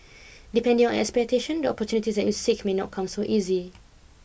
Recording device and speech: boundary microphone (BM630), read sentence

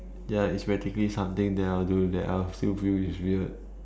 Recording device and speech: standing microphone, conversation in separate rooms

